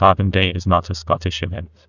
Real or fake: fake